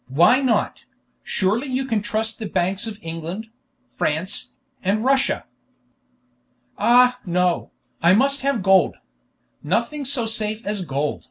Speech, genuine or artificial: genuine